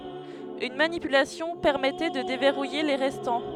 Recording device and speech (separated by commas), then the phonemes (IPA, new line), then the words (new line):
headset microphone, read sentence
yn manipylasjɔ̃ pɛʁmɛtɛ də devɛʁuje le ʁɛstɑ̃
Une manipulation permettait de déverrouiller les restants.